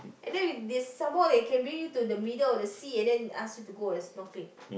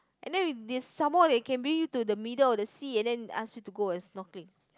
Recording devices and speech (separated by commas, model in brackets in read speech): boundary microphone, close-talking microphone, conversation in the same room